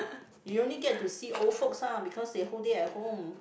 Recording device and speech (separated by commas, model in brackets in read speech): boundary microphone, conversation in the same room